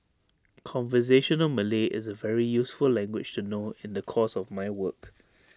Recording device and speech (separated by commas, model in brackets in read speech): standing microphone (AKG C214), read sentence